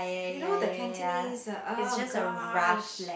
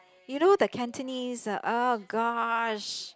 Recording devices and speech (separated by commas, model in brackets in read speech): boundary microphone, close-talking microphone, conversation in the same room